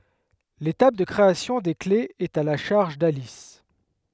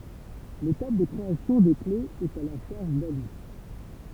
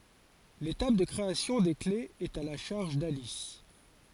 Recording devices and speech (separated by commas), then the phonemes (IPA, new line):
headset microphone, temple vibration pickup, forehead accelerometer, read sentence
letap də kʁeasjɔ̃ de klez ɛt a la ʃaʁʒ dalis